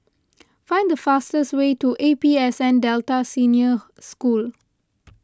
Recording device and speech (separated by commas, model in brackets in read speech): close-talking microphone (WH20), read sentence